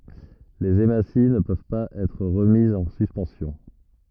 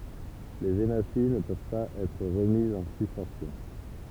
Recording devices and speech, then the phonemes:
rigid in-ear microphone, temple vibration pickup, read sentence
lez emasi nə pøv paz ɛtʁ ʁəmizz ɑ̃ syspɑ̃sjɔ̃

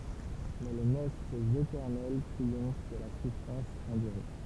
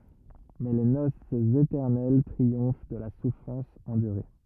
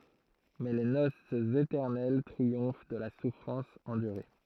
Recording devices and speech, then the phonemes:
temple vibration pickup, rigid in-ear microphone, throat microphone, read sentence
mɛ le nosz etɛʁnɛl tʁiɔ̃f də la sufʁɑ̃s ɑ̃dyʁe

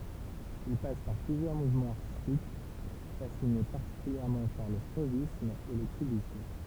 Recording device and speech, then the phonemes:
temple vibration pickup, read sentence
il pas paʁ plyzjœʁ muvmɑ̃z aʁtistik fasine paʁtikyljɛʁmɑ̃ paʁ lə fovism e lə kybism

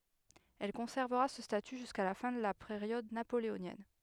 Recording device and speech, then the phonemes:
headset microphone, read sentence
ɛl kɔ̃sɛʁvəʁa sə staty ʒyska la fɛ̃ də la peʁjɔd napoleonjɛn

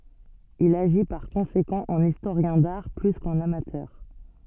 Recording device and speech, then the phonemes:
soft in-ear microphone, read sentence
il aʒi paʁ kɔ̃sekɑ̃ ɑ̃n istoʁjɛ̃ daʁ ply kɑ̃n amatœʁ

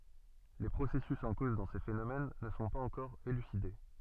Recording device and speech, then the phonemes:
soft in-ear microphone, read sentence
le pʁosɛsys ɑ̃ koz dɑ̃ se fenomɛn nə sɔ̃ paz ɑ̃kɔʁ elyside

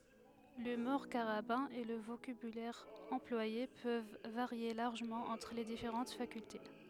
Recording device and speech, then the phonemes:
headset microphone, read sentence
lymuʁ kaʁabɛ̃ e lə vokabylɛʁ ɑ̃plwaje pøv vaʁje laʁʒəmɑ̃ ɑ̃tʁ le difeʁɑ̃t fakylte

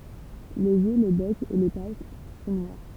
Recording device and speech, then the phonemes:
temple vibration pickup, read sentence
lez jø lə bɛk e le pat sɔ̃ nwaʁ

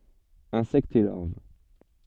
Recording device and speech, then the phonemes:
soft in-ear microphone, read sentence
ɛ̃sɛktz e laʁv

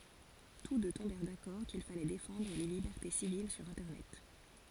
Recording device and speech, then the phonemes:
forehead accelerometer, read sentence
tus dø tɔ̃bɛʁ dakɔʁ kil falɛ defɑ̃dʁ le libɛʁte sivil syʁ ɛ̃tɛʁnɛt

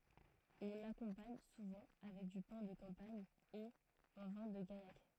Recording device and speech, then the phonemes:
throat microphone, read sentence
ɔ̃ lakɔ̃paɲ suvɑ̃ avɛk dy pɛ̃ də kɑ̃paɲ e œ̃ vɛ̃ də ɡajak

